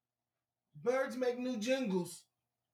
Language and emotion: English, fearful